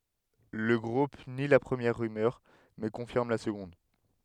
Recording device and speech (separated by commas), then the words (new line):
headset microphone, read sentence
Le groupe nie la première rumeur, mais confirme la seconde.